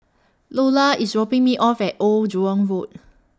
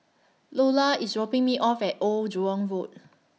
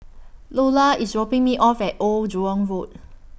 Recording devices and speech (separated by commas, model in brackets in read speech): standing microphone (AKG C214), mobile phone (iPhone 6), boundary microphone (BM630), read sentence